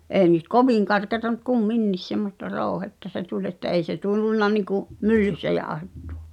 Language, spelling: Finnish, ei nyt kovin karkeaa mutta kumminkin semmoista rouhetta se tuli että ei se tullut niin kuin myllyssä jauhettu
- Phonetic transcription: ’ee nyt "kovìŋ karkeata ᵐᵘt 'kum"minnis semmosta 'ròu̬hetta se "tuĺ että '’ei se 'tullunna niku’ , "myllyssä 'jaaᵒhettᴜ₍ᴀ .

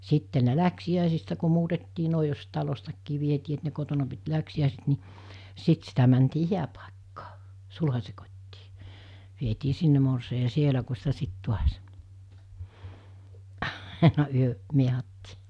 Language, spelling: Finnish, sitten ne läksiäisistä kun muutettiin noin jos talostakin vietiin että ne kotona piti läksiäiset niin sitten sitä mentiin hääpaikkaan sulhasen kotiin vietiin sinne morsian ja siellä kun sitä sitten taas aina yö miehattiin
- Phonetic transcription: 'sitte ne 'läksi₍ä̀isistä ku muutettii nòi jos 'talostakkii vietii et ne kotona pit 'läksi₍ä̀iset ni , 'sit sitä mäntii "hiäpàekkaa , 'sulhas̜e kot́tii , vietii 'sinne morsei ja "sielä ku sitä 'sit 'tuas , 'àena 'yö’ , 'miehattii .

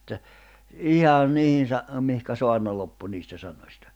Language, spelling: Finnish, että ihan niihin - mihin saarna loppui niistä sanoista
- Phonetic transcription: että , 'ihan 'niihin̬ sa- , mihkä 'soarna loppu niistä sanośtᴀ .

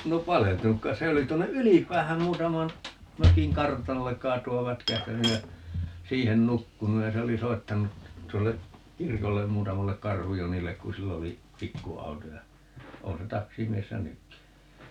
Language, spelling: Finnish, no paleltunut kai se olisi tuonne Ylipäähän muutaman mökin kartanolle kaatua vätkähtänyt ja siihen nukkunut ja se oli soittanut tuolle kirkolle muutamalle Karhu-Jonille kun sillä oli pikkuauto ja on se taksimiehenä nytkin
- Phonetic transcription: 'no "paleltunuk 'kais se olis - 'tuonne "Ylip̀äähäm 'muutaman , 'mökiŋ "kartanollek 'kaatu₍av "vätkähtänyj ja , "siihen 'nukkunuj ja 'se oli 'soittanu , 'tuolle , "kirkollem 'muutamallek "Karhujonillek ku 'sill ‿oli , "pikku₍auto ja , 'oo̰ se "taksimiessä "nykki .

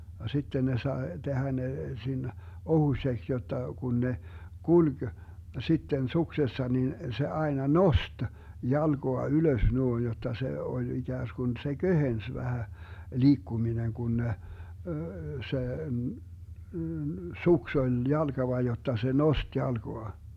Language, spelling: Finnish, ja sitten ne sai tehdä ne siinä ohuiseksi jotta kun ne kulki sitten suksessa niin se aina nosti jalkaa ylös noin jotta se oli ikään kuin se kevensi vähän liikkuminen kun ne se suksi oli jalkava jotta se nosti jalkaa
- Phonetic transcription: ja 'sitten ne 'sae 'Dehä ne , (siinä) , 'ohuśeks jotta , 'kun ne , "kuĺG , 'sitten "suksessa nin , se 'aena "nost , 'jalGoa 'ylös 'nuoin jot̆ta se oĺ 'iGääsGun se "Göhens vähä , 'liikkuminen 'Gun ne , 'se , "suks oĺ 'jalGava jotta se "nost 'jalGoa .

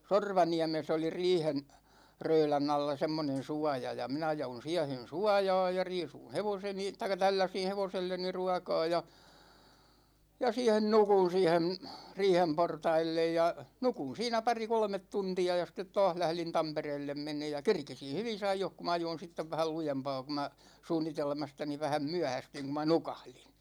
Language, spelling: Finnish, Sorvaniemessä oli riihen röylän alla semmoinen suoja ja ja minä jouduin siihen suojaan ja riisuin hevoseni tai tälläsin hevoselleni ruokaa ja ja siihen nukuin siihen riihen portaille ja nukuin siinä pari kolme tuntia ja sitten taas lähdin Tampereelle menemään ja kerkesin hyvissä ajoissa kun minä ajoin sitten vähän lujempaa kun minä suunnitelmastani vähän myöhästyin kun minä nukahdin
- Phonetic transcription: Sorvaniämes ‿oli 'riihen , 'röylänⁿ ‿alla 'semmonen̬ "suåja ja , ja 'minä (joulun) 'siɛhen̬ "suåja̭a̭j ja , 'riisuṵ "hevoseni , taik̆ka 'tälläsin̬ "hevoselleni 'ruåkaa ja , ja 'siihen 'nukun̬ 'siihem , 'riihem 'portaillej ja , "nukun̬ 'siinä 'pari "kolmet 'tunti₍a ja sittet "tååh 'lählin "Tampereellem 'meǹeej̆ ja , "kerkisin̬ 'hyvis ‿aijoh ku 'm ‿ajoin̬ 'sittev vähäl "lujempaa ku mä , 'suunnitelmastani vähäm 'myähästyiŋ ku ma "nukahliN .

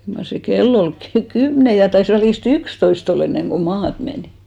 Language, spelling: Finnish, kyllä mar se kello oli - kymmenen ja taisi välistä yksitoista olla ennen kuin maata menin
- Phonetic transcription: kyl mar se "kel'l ‿ol 'ky- , "kymne ja 'tais välis"t ‿ykstois't ‿oll ‿enneŋɢo "maat menì .

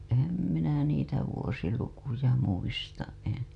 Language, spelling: Finnish, enhän minä niitä vuosilukuja muista en
- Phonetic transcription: ehäm minä niitä vuosilukuja muistaˀ en̬ .

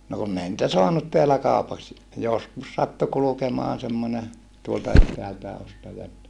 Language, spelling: Finnish, no kun ei niitä saanut täällä kaupaksi joskus sattui kulkemaan semmoinen tuolta etäältäkin ostaja että
- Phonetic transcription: no kunn ‿ei nⁱtä soanut teälä kàupaks , joskus sattu kulukemoan semmone , tuolta ettäältää ostaja että ,.

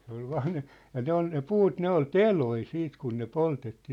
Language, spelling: Finnish, se oli vain ne ja ne oli ne puut ne oli teloja sitten kun ne poltettiin
- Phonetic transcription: se ‿ol 'vaaⁿ ne , ja 'ne ‿ol ne "puut 'ne ‿ol "teloi 'siit kun ne "poltettii .

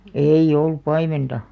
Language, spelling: Finnish, ei ollut paimenta
- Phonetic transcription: ei'ʲ ‿ollup̆ 'paimenta .

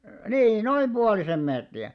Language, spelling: Finnish, niin noin puolisen metriä
- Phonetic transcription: nii 'noim 'ʙualisem mètri₍ä .

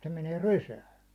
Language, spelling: Finnish, se menee rysään
- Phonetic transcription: se menee "rysään̬ .

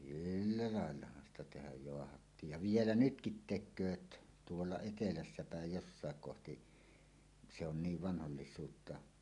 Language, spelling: Finnish, sillä laillahan sitä tehdä jaahattiin ja vielä nytkin tekevät tuolla etelässä päin jossakin kohti se on niin vanhoillisuutta
- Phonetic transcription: 'sillä láellahan ‿sta tehäj joahattiij ja "vielä 'nytkit tek̆kööt , "tuolla 'etelässä pä̀ej 'jossàek kohti , se on 'niiv 'vanhollis̀uutta .

